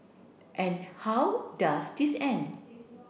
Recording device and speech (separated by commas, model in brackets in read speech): boundary microphone (BM630), read sentence